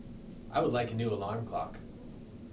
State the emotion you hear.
neutral